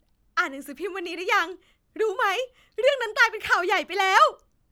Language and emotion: Thai, happy